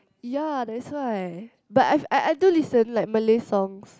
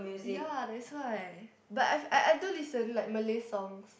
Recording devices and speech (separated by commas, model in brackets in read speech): close-talking microphone, boundary microphone, conversation in the same room